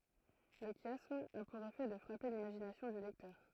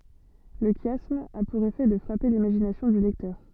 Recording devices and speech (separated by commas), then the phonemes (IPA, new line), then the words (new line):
throat microphone, soft in-ear microphone, read sentence
lə ʃjasm a puʁ efɛ də fʁape limaʒinasjɔ̃ dy lɛktœʁ
Le chiasme a pour effet de frapper l'imagination du lecteur.